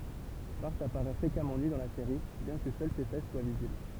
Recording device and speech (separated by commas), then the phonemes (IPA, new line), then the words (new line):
temple vibration pickup, read sentence
baʁ apaʁɛ fʁekamɑ̃ ny dɑ̃ la seʁi bjɛ̃ kə sœl se fɛs swa vizibl
Bart apparaît fréquemment nu dans la série, bien que seules ses fesses soient visibles.